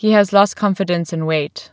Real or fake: real